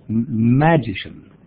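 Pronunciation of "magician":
'Magician' has the stress on the first syllable.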